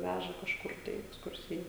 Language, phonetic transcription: Lithuanian, ˈvæža kažˈkur tai i eksˈkursija

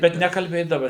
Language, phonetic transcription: Lithuanian, ˈbet nekalˈbėdava

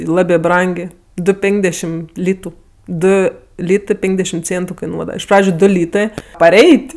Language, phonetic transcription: Lithuanian, i ˈlabė ˈbrangė ˈdu ˈpenkdešim ˈlytu ˈdu ˈlytɜ ˈpenkdešim ˈcėntu kaiˈnuodava iš ˈpradžiu ˈdu ˈlytɜ paˈreit'

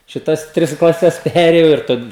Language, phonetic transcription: Lithuanian, šiˈtas ˈtris klaˈses ˈperėjau ir ˈtad

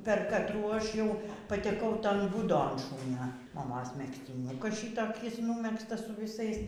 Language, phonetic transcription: Lithuanian, per katˈrų ˈaš ˈjau pateˈkau ˈton ˈbūdon ˈšūnio maˈmos megztiˈniukas ˈšytokis ˈnūmegztas su viˈsais

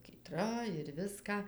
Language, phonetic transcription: Lithuanian, kyˈtra ir ˈviską

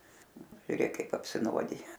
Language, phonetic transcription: Lithuanian, žiuˈrėk ˈkaip apsiˈnuodija

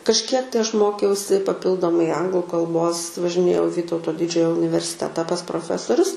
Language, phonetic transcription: Lithuanian, kažˈkiek tai ˈaš ˈmokiausi paˈpildomai ˈanglu kalˈbos važiˈnėjau i ˈvytauto ˈdidžiojo universiˈteta pas proˈfesorius

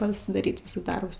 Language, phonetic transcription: Lithuanian, pasidaˈryt ˈvisus ˈdarbus

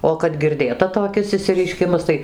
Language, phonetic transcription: Lithuanian, o kad girˈdėta toˈkis išsireiˈškimas ˈtai

